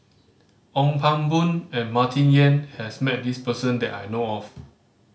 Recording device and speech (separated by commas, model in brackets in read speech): mobile phone (Samsung C5010), read sentence